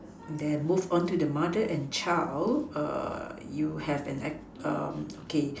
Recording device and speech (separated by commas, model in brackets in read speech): standing microphone, conversation in separate rooms